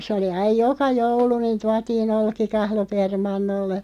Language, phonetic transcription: Finnish, s ‿oli 'aiʲ "joka 'joulu niin̬ 'tuatiin "olkikahlo 'permannolle ,.
- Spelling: se oli aina joka joulu niin tuotiin olkikahlo permannolle

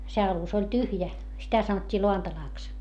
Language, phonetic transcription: Finnish, se alus ‿oĺ tyhjä , sitä sanot́t́ii loantalàks .
- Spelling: se alus oli tyhjä sitä sanottiin lantalaksi

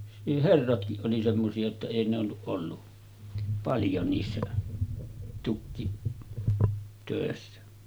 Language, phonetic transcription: Finnish, niih 'herratkiˀ 'ˀoli semmosi₍a jotta 'èi n ‿olluˀ ˀollu , 'paljo niissä , tukkitö̀essä .
- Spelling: niin herratkin oli semmoisia jotta ei ne ollut ollut paljon niissä tukkitöissä

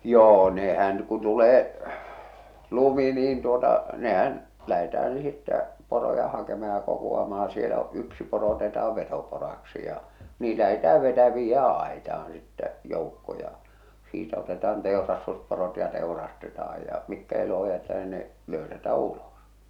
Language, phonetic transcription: Finnish, 'joo nehän , ku tulee , 'lumi niin tuota , 'nehän , 'lähetäh̬än̬ sittä , 'poroja "hakema̳ ja "kokuamah̬a siel ‿o , 'yksi poro oteta₍a "vetopora̳ksi ja , "nii lähetää 'vetä- 'viijjää 'àeta₍an̬ sittä , 'jòukko ja , 'siitä otetaan 'tèorastusporot ja 'tèu̬rastetaaj ja , 'mikkä eloho jätetä ni ne , 'löysätä "ulòs .
- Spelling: joo nehän kun tulee lumi niin tuota nehän lähdetään sitten poroja hakemaan ja kokoamaan siellä on yksi poro otetaan vetoporoksi ja niin lähdetään - viedään aitaan sitten joukko ja siitä otetaan teurastusporot ja teurastetaan ja mitkä eloon jätetään niin ne löysätä ulos

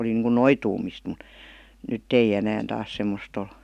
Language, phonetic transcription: Finnish, oli niiŋkun "noituumist mᵘt , "nytt ‿ei 'enään taas 'semmost ‿ol .
- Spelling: oli niin kuin noitumista mutta nyt ei enää taas semmoista ole

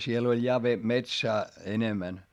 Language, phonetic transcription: Finnish, siel ‿oĺ ja ve- , metsää , enemän .
- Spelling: siellä oli ja - metsää enemmän

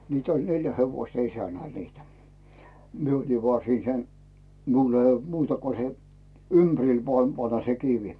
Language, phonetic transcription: Finnish, 'mitä oĺ "neljä 'hevoⁱsta 'isänäl niitä , 'mie oli voà 'siin 'sen , 'miul ᵉ olD "muuta ko se , "ympᵃ̈ril vᵒàm 'panna se 'kivi .
- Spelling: mitä oli neljä hevosta isännällä niitä minä olin vain siinä sen minulla ei ollut muuta kuin se ympärille vain pannaan se kivi

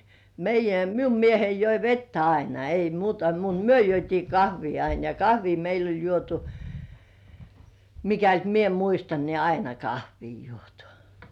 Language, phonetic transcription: Finnish, meijjä "miu 'miehei joi "vettä aina ei muuta mut 'myö juot́ii "kahvii ain ja "kahvii meil ‿oĺ 'juotu , 'mikält "mie muistan nii "aina 'kahvii juotᴜ .
- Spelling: meidän minun mieheni joi vettä aina ei muuta mutta me juotiin kahvia aina ja kahvia meillä oli juotu mikäli minä muistan niin aina kahvia juotu

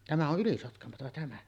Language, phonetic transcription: Finnish, 'tämä o’ "’Ylisotkamota 'tämä .
- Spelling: tämä on Ylisotkamoa tämä

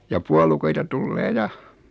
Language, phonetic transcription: Finnish, ja 'puolukoita tullee 'ja .
- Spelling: ja puolukoita tulee ja

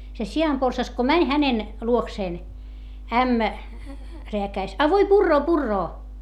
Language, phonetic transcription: Finnish, se si₍amporsas ko mäń hänen , luokseen , ämmä , reäkäis , » a voi purroo purroo » .
- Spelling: se sianporsas kun meni hänen luokseen ämmä rääkäisi a voi puree puree

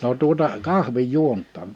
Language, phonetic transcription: Finnish, no tuᵒta , 'kahvij "juont̆taan .
- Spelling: no tuota kahvin juontiin

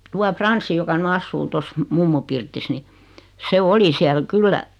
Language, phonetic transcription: Finnish, 'tua 'Franssi joka ny "assuu 'tos , 'mummu pirtis 'ni , se 'oli 'siäl "kyllä ,.
- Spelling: tuo Frans joka nyt asuu tuossa mummon pirtissä niin se oli siellä kyllä

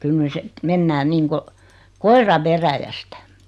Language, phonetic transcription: Finnish, kyl 'ny (sit) , 'mennään 'niiŋko , 'koira "veräjästᴀ̈ .
- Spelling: kyllä nyt sitten mennään niin kuin koira veräjästä

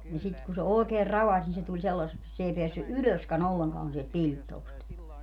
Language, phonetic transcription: Finnish, ni sit ku se 'òekeer "ravaś ni se tuĺ 'sellasseks (et) s ‿ei 'peässy "ʼylöskä'n ‿olleŋkaan sielt "piĺttoost .
- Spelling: niin sitten kun se oikein ravasi niin se tuli sellaiseksi että se ei päässyt ylöskään ollenkaan sieltä pilttuusta

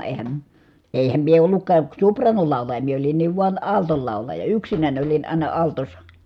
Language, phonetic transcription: Finnish, eehäm , èi̮häm mie olluk̆kaa , su̬pr̀aanolàulᵃja , mie olinniiv vuan , àltol làulaja , yksinäń olin ài̮na altos̆sa .
- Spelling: eihän eihän minä ollutkaan sopraanolaulaja minä olinkin vain altto laulaja yksinäni olin aina altossa

